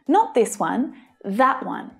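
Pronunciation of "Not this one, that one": The word 'that' in 'that one' is stressed.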